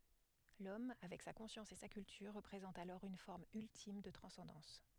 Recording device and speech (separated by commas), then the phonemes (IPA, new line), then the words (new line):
headset microphone, read sentence
lɔm avɛk sa kɔ̃sjɑ̃s e sa kyltyʁ ʁəpʁezɑ̃t alɔʁ yn fɔʁm yltim də tʁɑ̃sɑ̃dɑ̃s
L'homme, avec sa conscience et sa culture, représente alors une forme ultime de transcendance.